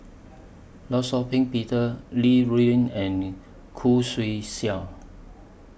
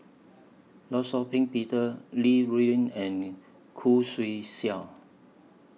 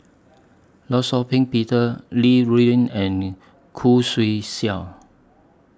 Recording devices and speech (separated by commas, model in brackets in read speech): boundary microphone (BM630), mobile phone (iPhone 6), standing microphone (AKG C214), read sentence